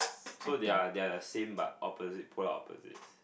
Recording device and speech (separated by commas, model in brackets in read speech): boundary microphone, conversation in the same room